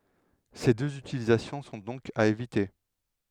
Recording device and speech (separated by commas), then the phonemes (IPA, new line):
headset microphone, read sentence
se døz ytilizasjɔ̃ sɔ̃ dɔ̃k a evite